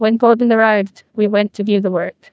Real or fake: fake